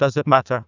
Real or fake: fake